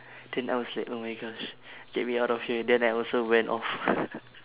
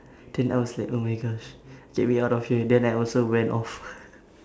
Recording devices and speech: telephone, standing microphone, conversation in separate rooms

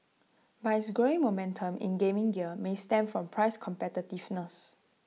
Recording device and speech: mobile phone (iPhone 6), read sentence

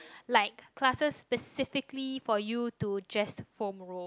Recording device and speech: close-talking microphone, conversation in the same room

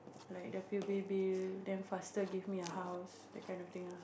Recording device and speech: boundary microphone, conversation in the same room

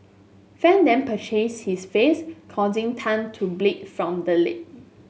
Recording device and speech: mobile phone (Samsung S8), read sentence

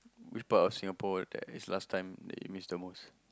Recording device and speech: close-talking microphone, conversation in the same room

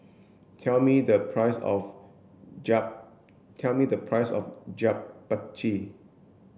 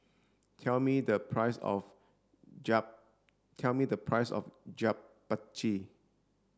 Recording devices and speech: boundary microphone (BM630), standing microphone (AKG C214), read sentence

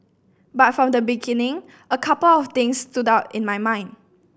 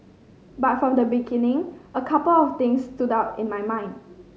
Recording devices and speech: boundary microphone (BM630), mobile phone (Samsung C5010), read sentence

